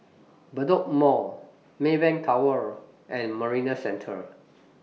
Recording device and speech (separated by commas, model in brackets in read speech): mobile phone (iPhone 6), read sentence